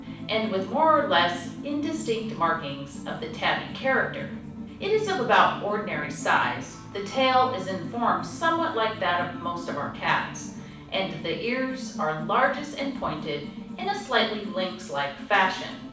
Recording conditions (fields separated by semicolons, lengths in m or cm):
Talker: one person; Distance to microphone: 5.8 m; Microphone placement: far; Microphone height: 1.8 m; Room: medium-sized (5.7 m by 4.0 m); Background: music